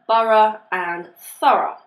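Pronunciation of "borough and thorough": In 'borough' and 'thorough', the 'ough' ending is pronounced as an uh sound.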